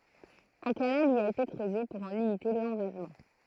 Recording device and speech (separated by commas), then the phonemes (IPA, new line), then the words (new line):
throat microphone, read sentence
œ̃ kanal i a ete kʁøze puʁ ɑ̃ limite lɑ̃vazmɑ̃
Un canal y a été creusé pour en limiter l'envasement.